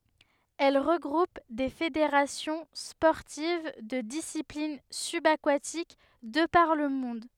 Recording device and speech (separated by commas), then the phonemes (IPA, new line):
headset microphone, read sentence
ɛl ʁəɡʁup de fedeʁasjɔ̃ spɔʁtiv də disiplin sybakatik də paʁ lə mɔ̃d